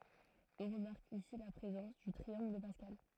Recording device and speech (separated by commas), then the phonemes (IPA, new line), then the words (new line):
throat microphone, read sentence
ɔ̃ ʁəmaʁk isi la pʁezɑ̃s dy tʁiɑ̃ɡl də paskal
On remarque ici la présence du triangle de Pascal.